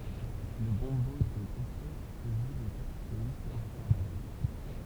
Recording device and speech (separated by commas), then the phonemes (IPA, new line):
temple vibration pickup, read sentence
lə bɔ̃bo ɛt yn ɡʁos kɛs kə ʒw le pɛʁkysjɔnist lɔʁ dy kaʁnaval